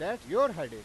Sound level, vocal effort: 102 dB SPL, very loud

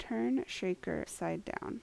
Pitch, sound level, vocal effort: 185 Hz, 76 dB SPL, soft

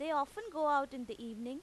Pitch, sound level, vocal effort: 280 Hz, 93 dB SPL, loud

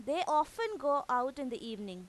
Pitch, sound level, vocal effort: 275 Hz, 94 dB SPL, very loud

